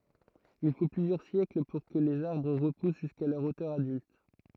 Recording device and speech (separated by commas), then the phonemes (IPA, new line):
throat microphone, read sentence
il fo plyzjœʁ sjɛkl puʁ kə lez aʁbʁ ʁəpus ʒyska lœʁ otœʁ adylt